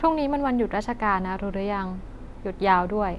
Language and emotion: Thai, neutral